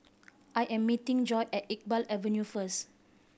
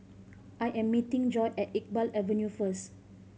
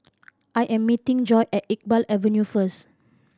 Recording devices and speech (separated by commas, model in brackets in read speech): boundary microphone (BM630), mobile phone (Samsung C5010), standing microphone (AKG C214), read sentence